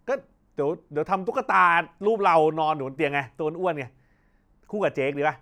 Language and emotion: Thai, happy